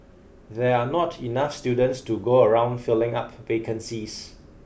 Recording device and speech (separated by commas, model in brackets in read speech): boundary microphone (BM630), read sentence